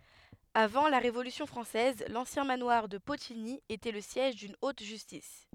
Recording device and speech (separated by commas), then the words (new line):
headset microphone, read sentence
Avant la Révolution française, l'ancien manoir de Potigny était le siège d'une haute justice.